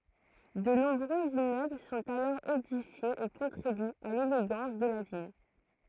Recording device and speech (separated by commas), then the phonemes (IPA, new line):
throat microphone, read sentence
də nɔ̃bʁøz immøbl sɔ̃t alɔʁ edifjez e kɔ̃tʁibyt a leleɡɑ̃s də la vil